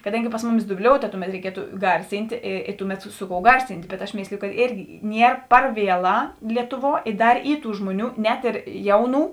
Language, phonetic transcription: Lithuanian, kaˈdangi ˈpas muˌmis duˈbliouta ˈtuˌmet reiˈkietu ˈgarsintė ė ė ˈtuˌmet ˈsu ˌkou ˈgarsint' bet aš ˈmėsliju kad ˈėrgi ˈnier ˈpar ˈvieˌlā ˈlietuˌvuo i ˈdar ˈy ˈtų ˈžmuoˌnių net ir ˈjauˌnų

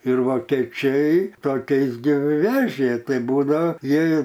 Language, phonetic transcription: Lithuanian, ir vokeˈčiai toˈkiais gi ˈvežė ˈtai ˈbūdao ˈjie

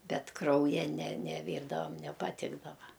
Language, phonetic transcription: Lithuanian, ˈbet ˈkrauja ne neˈvyrdavam nepaˈtikdava

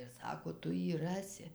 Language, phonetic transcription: Lithuanian, ir ˈsako ˈtu ˈjį ˈrasi

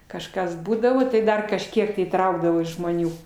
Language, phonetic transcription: Lithuanian, kažˈkas ˈbūdavo tai ˈdar kažˈkiek tai įˈtraukdavo žmoˈnių

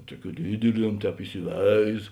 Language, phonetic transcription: Lithuanian, ˈtuoˌkių ˈdydiˌliem ˈtēp isiˈveiz

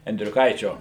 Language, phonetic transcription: Lithuanian, endriuˈkaičio

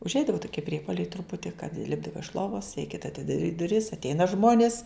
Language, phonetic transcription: Lithuanian, užˈeidava tuˈkie ˈpriepoliai truˈputi kad ˈlipdava iš ˈlovas reiˈkėta atidaˈryt duˈris atˈeina ˈžmonis

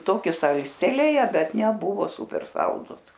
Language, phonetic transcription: Lithuanian, ˈtoki ˈsalstelėje ˈbet neˈbuvo ˈsūper ˈsaldus

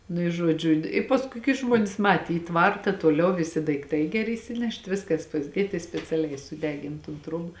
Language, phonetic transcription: Lithuanian, nu i ˈžuodžiu i ˈpaskui kai ˈžmuonės ˈmatė į ˈtvarta toˈliau viˈsi daikˈtai geˈri isiˈnešt ˈviskas pasˈdėt i speciaˈliai suˈdegin tun ˈtruoba

